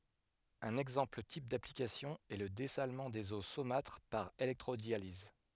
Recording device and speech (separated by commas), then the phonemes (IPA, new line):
headset microphone, read sentence
œ̃n ɛɡzɑ̃pl tip daplikasjɔ̃ ɛ lə dɛsalmɑ̃ dez o somatʁ paʁ elɛktʁodjaliz